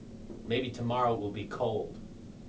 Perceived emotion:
neutral